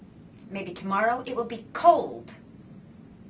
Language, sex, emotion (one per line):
English
female
disgusted